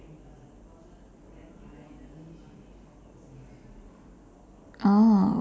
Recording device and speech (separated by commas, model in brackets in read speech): standing microphone, conversation in separate rooms